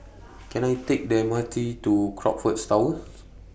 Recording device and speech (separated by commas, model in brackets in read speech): boundary microphone (BM630), read sentence